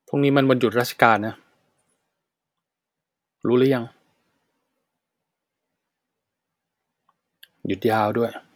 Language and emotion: Thai, frustrated